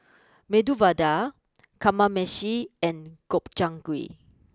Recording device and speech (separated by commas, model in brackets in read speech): close-talking microphone (WH20), read sentence